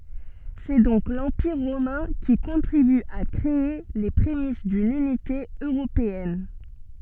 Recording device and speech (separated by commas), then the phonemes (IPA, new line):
soft in-ear microphone, read sentence
sɛ dɔ̃k lɑ̃piʁ ʁomɛ̃ ki kɔ̃tʁiby a kʁee le pʁemis dyn ynite øʁopeɛn